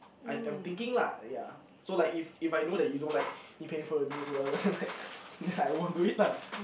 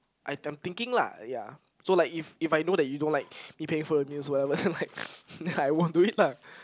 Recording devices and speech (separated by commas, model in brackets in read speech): boundary microphone, close-talking microphone, conversation in the same room